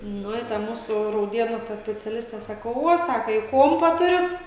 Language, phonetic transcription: Lithuanian, ˈnu i ˈta ˈmūsu rauˈdėnų ta speciaˈliste ˈsako ˈvuo ˈsaka i ˈkuompa ˈturit

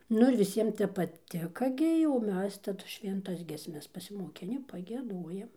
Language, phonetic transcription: Lithuanian, ˈnu ir viˈsiem ˈtep paˈtika ˈgi jau o ˈmes taˈdu švenˈtas giesˈmes pasimoˈkini pagieˈduojam

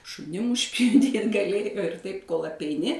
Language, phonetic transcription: Lithuanian, šuˈnim užpjuˈdyt gaˈlėjo ir ˈtaip kol apeiˈni

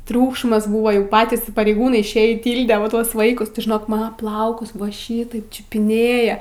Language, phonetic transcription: Lithuanian, ˈtriūkšmas ˈbūva jau ˈpatys pareiˈgūnai išˈėjį ˈtylde va ˈtuos ˈvaikus ti žiˈnok ˈmana ˈplaukus ˈva ˈšytaip čiupiˈnėja

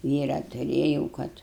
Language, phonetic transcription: Lithuanian, ˈvyrą tuˈrėjau ˈkad

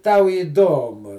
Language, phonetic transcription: Lithuanian, ˈtau įˈdomu

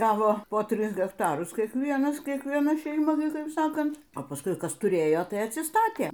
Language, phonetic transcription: Lithuanian, ˈgavo po ˈtris hekˈtarus kiekˈvienas kiekvieˈna šeiˈma ˈnu ˈkaip ˈsakant o paˈskui ˈkas tuˈrėjo ˈtai atsiˈstatė

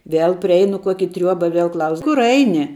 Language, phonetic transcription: Lithuanian, ˈvėl priˈeinu ˈkuoki ˈtriuoba ˈviel ˈklaus ˈkur ˈaini

